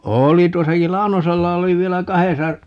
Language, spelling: Finnish, oli tuossakin Launosella oli vielä kahdessa
- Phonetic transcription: "ooli 'tuosakil "Lau̬nosella 'oli 'vielä "kahesa , .

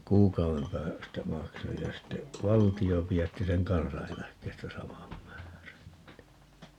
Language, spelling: Finnish, kuukauden päästä maksoin ja sitten valtio pidätti sen kansaneläkkeestä saman määrän niin
- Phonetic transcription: "kuuk̀au₍em 'päästä "maksoj ja ste , "valti₍o 'pi₍ätti seŋ "kansaa̰₍eläkkeestä 'samam määrän (ni) .

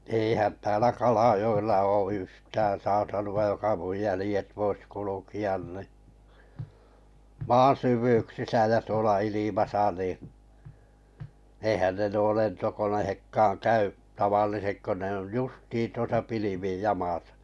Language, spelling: Finnish, eihän täällä Kalajoella ole yhtään saa sanoa joka minun jäljet voisi kulkea niin maan syvyyksissä ja tuolla ilmassa niin eihän ne nuo lentokoneetkaan käy tavalliset kun ne on justiin tuossa pilvien jamassa
- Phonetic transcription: 'èihän täälä 'Kalajo₍ella oo 'yhtää saa sanu₍aj 'joka 'muj 'jälĭjet 'vois 'kuluki₍an ni , "maan 'syv̀yyksisä ja tuola 'ilimasa nì , ehän ne nuo 'lentokonehekkaan 'käy’ , 'tavallisek ko ne on "justiin 'tuosa 'pilivii̳i̳j 'jamàsa .

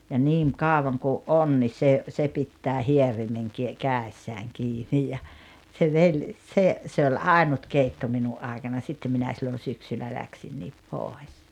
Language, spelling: Finnish, ja niin kauan kun on niin se se pitää hierimen - kädessään kiinni ja se vei se se oli ainut keitto minun aikana sitten minä silloin syksyllä lähdin pois
- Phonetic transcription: ja 'niiŋ "kàovaŋ ku’ "’on ni 'se , 'se pittää "hierimeŋ ki- , "kä̀essääŋ 'kiini « ja , se 'vei- , se , se ol "àinut 'keitto 'minu’ '’aikana 'sitte minä sillon̬ 'syksyllä 'läksinniip "pòes .

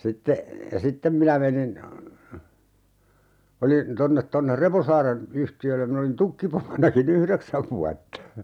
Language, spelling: Finnish, ja sitten minä menin olin tuonne tuonne Reposaaren yhtiölle minä olin tukkipomonakin yhdeksän vuotta
- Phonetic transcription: ja "sittem minä menin , 'olin , 'tonnet tonner "Reposaaren , 'yhti₍öllem min ‿olin "tukkipomonaki"n ‿yhreksäv vuatta .

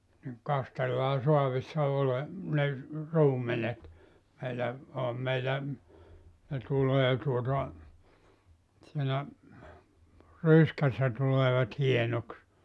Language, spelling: Finnish, niin kastellaan saavissa - ne ruumenet meillä olihan meillä ne tulee tuota siinä ryskässä tulevat hienoksi
- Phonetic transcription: niŋ , 'kastellaa 'soavissa 'ole- , ne , "ruumenet , meilä , oham meilä , ne 'tulee tuota , siinä , "ryskässä tuleevat 'hienoks .

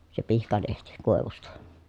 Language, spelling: Finnish, se pihkalehti koivusta
- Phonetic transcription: se pihkalehti , kòevusta .

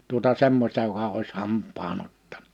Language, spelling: Finnish, tuota semmoista joka olisi hampaan ottanut
- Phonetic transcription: tuota 'semmośta joka ois 'hamp̆paa'n ‿ottan[a] . «

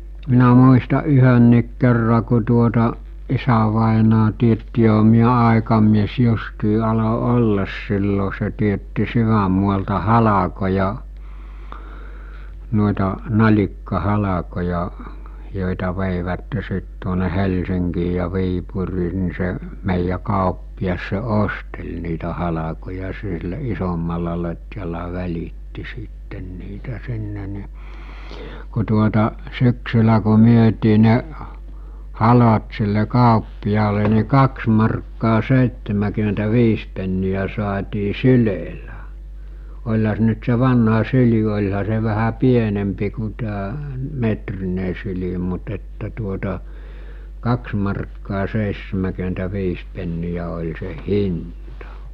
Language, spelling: Finnish, minä muistan yhdenkin kerran kun tuota isävainaja teetti johan minä aikamies justiin aloin olla silloin se teetti sydänmaalta halkoja noita nalikkahalkoja joita veivät sitten tuonne Helsinkiin ja Viipuriin niin se meidän kauppias se osteli niitä halkoja sillä isommalla lotjalla välitti sitten niitä sinne niin kun tuota syksyllä kun myytiin ne halot sille kauppiaalle niin kaksi markkaa seitsemänkymmentäviisi penniä saatiin sylellä olihan se nyt se vanha syli olihan se vähän pienempi kuin tämä metrinen syli mutta että tuota kaksi markkaa seitsemänkymmentäviisi penniä oli se hinta
- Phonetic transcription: minä muista 'yhönniik kerra ku tuota , 'isävàenaa tietti joɦᴀ miä 'àekamies 'justii alo 'ollas 'sillo se tietti 'syväm̆mualta "halakoja , nòita , 'naĺikka'halakoja , jòita veìvätte sit tuone 'Helsiŋkii ja 'Viipurii ni se , mèijjä 'kàoppias se "ostel̜ niitä 'halakoja sillä 'isommalla lot̜jala 'väl̜itti sìtten niitä sinne ni , ku tuota , 'syksylä ku 'myötii ne , 'halot sille 'kàoppijaale ni 'kaks markkaa 'sèittemäkyᵐentä'viis penni₍ä sᵒaatii "sylèlä , oĺha se ‿nʸt se 'vanha 'syli oĺha se vähä 'pienempi ku tää , 'metrine syli mut että tuota , 'kaks markkaa 'seissemäkyentä'viis pennijä oĺ se "hinta .

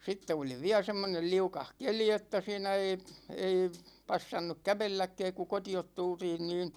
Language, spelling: Finnish, sitten oli vielä semmoinen liukas keli että siinä ei ei passannut kävelläkään kun kotiin tultiin niin
- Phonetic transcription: 'sitte oli "viä 'semmonel 'liukah "keli että 'siinä ei , 'ei , 'passannuk "kävelläkkɛɛk ku 'koti₍ot 'tultiin niin ,.

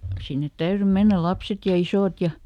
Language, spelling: Finnish, sinne täytyi mennä lapset ja isot ja
- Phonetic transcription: sinnet ˈtäyry ˈmennäl̆ ˈlapset ja "isòt ja ,.

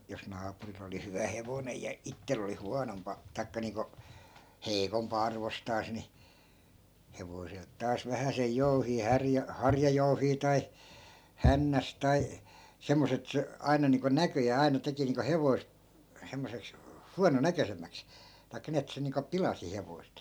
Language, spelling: Finnish, jos naapurilla oli hyvä hevonen ja itsellä oli huonompaa tai niin kuin heikompaa arvostansa niin hevoselta taas vähäsen jouhia - harjajouhia tai hännästä tai semmoista että se aina niin kuin näköjään aina teki niin kuin hevoset semmoiseksi huononäköisemmäksi tai niin että se niin kuin pilasi hevoset
- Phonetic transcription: jos 'naapuril ‿oli 'hyvä "hevonej ja 'ittel ‿oli 'huanompa , 'tai̮kka niiŋko , "heikompa 'arvostaas ni , "hevoselt 'taas 'vähäsej 'jouhii 'härjä- , 'harjajouhii tai , 'hännäs tai , 'semmos ‿et 'se , 'ai̮na niiŋko 'näköjää 'ai̮na 'teki niiŋko 'hevoi̮sᵗ , semmoseks , "huano'näkösem̆mäks , tai̮kka ni et 'se niiŋko "pilasi 'hevoi̮st .

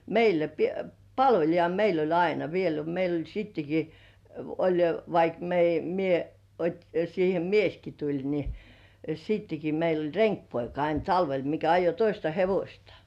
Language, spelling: Finnish, meillä - palvelija meillä oli aina vielä oli meillä oli sittenkin oli vaikka - minä otin siihen mieskin tuli niin sittenkin meillä oli renkipoika aina talvella mikä ajoi toista hevosta
- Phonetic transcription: 'meilä pi- , "palvelija 'meil ‿oĺ 'aina viel (oĺ) meil ‿oĺ 'sitteki , oĺ 'vaik meij- , 'mie , ot́i siihe "mieski tuĺ ni , 'sitteki meil ‿oĺ "reŋkpoika ain 'talvel mikä ajo 'toista "hevośta .

